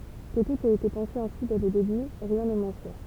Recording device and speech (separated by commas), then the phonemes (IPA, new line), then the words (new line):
temple vibration pickup, read sentence
kə tut ɛt ete pɑ̃se ɛ̃si dɛ lə deby ʁjɛ̃ nɛ mwɛ̃ syʁ
Que tout ait été pensé ainsi dès le début, rien n'est moins sûr.